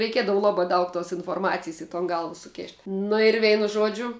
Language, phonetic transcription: Lithuanian, reiˈkiedavu ˈlabā ˈdaug tos inforˈmacijs i ton ˈgalva suˈkėšt' ˈnu ir ˈveinu ˈžuodžiu

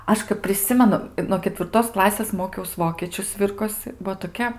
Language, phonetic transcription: Lithuanian, ˈaš kap priˈsimenu i no ketvirˈtos ˈklasės ˈmokiaus ˈvokėčiu ˈsvirkosɨ ˈbuo toˈkia

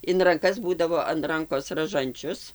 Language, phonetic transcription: Lithuanian, in ranˈkas ˈbūdavo an ˈrankos raˈžančius

